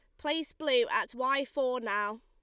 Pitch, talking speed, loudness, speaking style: 275 Hz, 175 wpm, -31 LUFS, Lombard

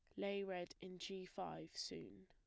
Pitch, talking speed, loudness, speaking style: 185 Hz, 175 wpm, -48 LUFS, plain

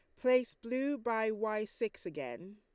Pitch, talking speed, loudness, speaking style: 230 Hz, 155 wpm, -35 LUFS, Lombard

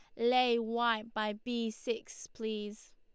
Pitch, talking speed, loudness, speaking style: 230 Hz, 130 wpm, -34 LUFS, Lombard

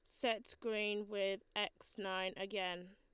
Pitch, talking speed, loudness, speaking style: 205 Hz, 130 wpm, -41 LUFS, Lombard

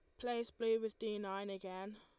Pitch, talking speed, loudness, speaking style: 215 Hz, 200 wpm, -41 LUFS, Lombard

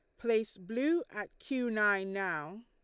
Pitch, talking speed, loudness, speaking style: 220 Hz, 150 wpm, -33 LUFS, Lombard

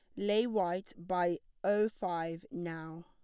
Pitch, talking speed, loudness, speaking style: 175 Hz, 125 wpm, -35 LUFS, plain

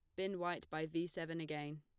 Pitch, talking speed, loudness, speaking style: 165 Hz, 225 wpm, -43 LUFS, plain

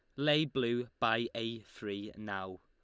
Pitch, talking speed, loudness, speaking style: 115 Hz, 150 wpm, -35 LUFS, Lombard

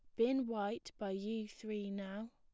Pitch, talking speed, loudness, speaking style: 215 Hz, 170 wpm, -40 LUFS, plain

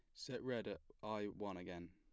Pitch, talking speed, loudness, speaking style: 100 Hz, 210 wpm, -47 LUFS, plain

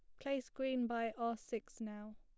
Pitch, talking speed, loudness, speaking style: 230 Hz, 180 wpm, -42 LUFS, plain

